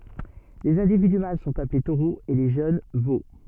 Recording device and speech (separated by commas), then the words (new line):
soft in-ear microphone, read sentence
Les individus mâles sont appelés taureaux et les jeunes, veaux.